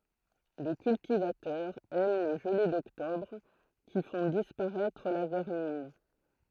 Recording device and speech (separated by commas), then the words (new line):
throat microphone, read sentence
Le cultivateur aime les gelées d'octobre qui font disparaître la vermine.